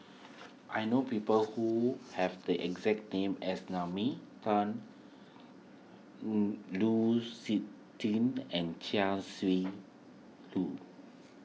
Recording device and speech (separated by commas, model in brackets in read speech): mobile phone (iPhone 6), read sentence